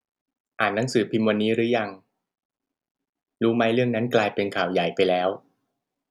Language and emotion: Thai, neutral